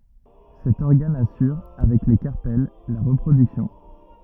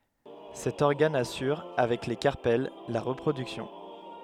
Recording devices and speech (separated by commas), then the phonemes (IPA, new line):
rigid in-ear microphone, headset microphone, read sentence
sɛt ɔʁɡan asyʁ avɛk le kaʁpɛl la ʁəpʁodyksjɔ̃